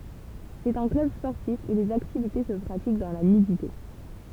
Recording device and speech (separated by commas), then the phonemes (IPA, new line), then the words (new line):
temple vibration pickup, read sentence
sɛt œ̃ klœb spɔʁtif u lez aktivite sə pʁatik dɑ̃ la nydite
C'est un club sportif où les activités se pratiquent dans la nudité.